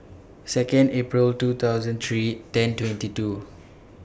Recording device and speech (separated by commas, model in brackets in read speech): boundary microphone (BM630), read sentence